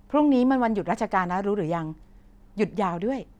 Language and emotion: Thai, happy